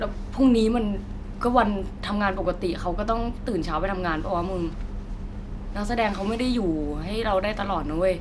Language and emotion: Thai, neutral